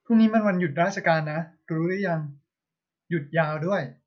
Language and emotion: Thai, neutral